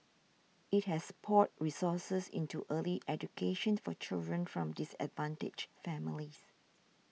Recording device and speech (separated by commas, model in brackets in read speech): mobile phone (iPhone 6), read sentence